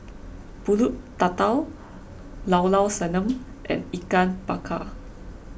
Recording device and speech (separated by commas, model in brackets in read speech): boundary microphone (BM630), read sentence